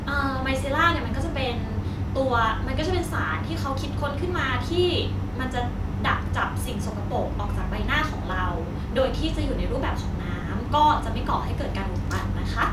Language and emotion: Thai, neutral